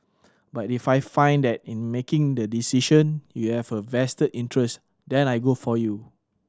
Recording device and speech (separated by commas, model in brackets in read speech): standing microphone (AKG C214), read sentence